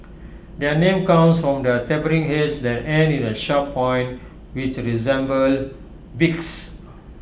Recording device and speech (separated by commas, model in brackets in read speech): boundary microphone (BM630), read sentence